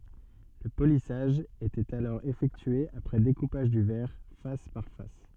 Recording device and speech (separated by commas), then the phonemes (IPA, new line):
soft in-ear microphone, read sentence
lə polisaʒ etɛt alɔʁ efɛktye apʁɛ dekupaʒ dy vɛʁ fas paʁ fas